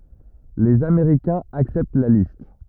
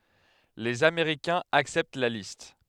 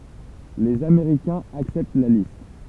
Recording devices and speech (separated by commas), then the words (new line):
rigid in-ear microphone, headset microphone, temple vibration pickup, read sentence
Les Américains acceptent la liste.